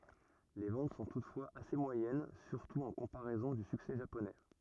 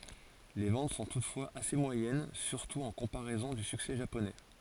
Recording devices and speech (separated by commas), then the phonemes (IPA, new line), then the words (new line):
rigid in-ear microphone, forehead accelerometer, read sentence
le vɑ̃t sɔ̃ tutfwaz ase mwajɛn syʁtu ɑ̃ kɔ̃paʁɛzɔ̃ dy syksɛ ʒaponɛ
Les ventes sont toutefois assez moyennes, surtout en comparaison du succès japonais.